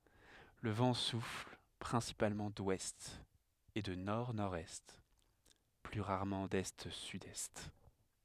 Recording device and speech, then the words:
headset microphone, read sentence
Le vent souffle principalement d'ouest et de nord-nord-est, plus rarement d'est-sud-est.

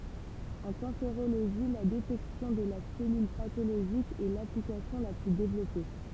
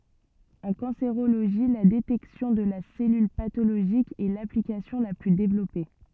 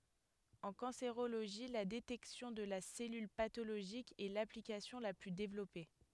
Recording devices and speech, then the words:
temple vibration pickup, soft in-ear microphone, headset microphone, read sentence
En cancérologie, la détection de la cellule pathologique est l’application la plus développée.

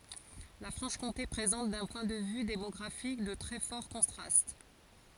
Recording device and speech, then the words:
forehead accelerometer, read sentence
La Franche-Comté présente, d'un point de vue démographique, de très forts contrastes.

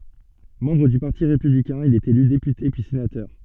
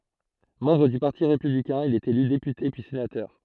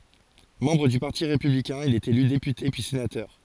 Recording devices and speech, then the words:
soft in-ear microphone, throat microphone, forehead accelerometer, read sentence
Membre du Parti républicain, il est élu député puis sénateur.

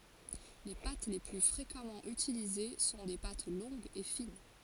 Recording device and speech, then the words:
forehead accelerometer, read sentence
Les pâtes les plus fréquemment utilisées sont des pâtes longues et fines.

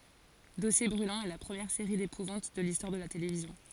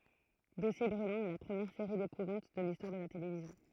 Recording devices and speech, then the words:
forehead accelerometer, throat microphone, read sentence
Dossiers Brûlants est la première série d'épouvante de l'histoire de la télévision.

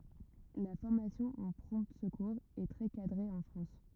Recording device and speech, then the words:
rigid in-ear microphone, read sentence
La formation aux prompt secours est très cadrée en France.

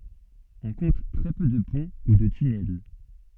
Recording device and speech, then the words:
soft in-ear microphone, read sentence
On compte très peu de ponts ou de tunnels.

